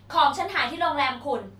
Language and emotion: Thai, angry